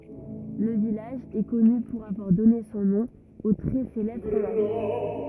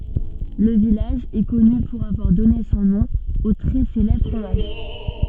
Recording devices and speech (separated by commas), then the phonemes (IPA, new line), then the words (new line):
rigid in-ear microphone, soft in-ear microphone, read sentence
lə vilaʒ ɛ kɔny puʁ avwaʁ dɔne sɔ̃ nɔ̃ o tʁɛ selɛbʁ fʁomaʒ
Le village est connu pour avoir donné son nom au très célèbre fromage.